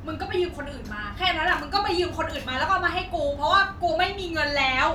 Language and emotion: Thai, angry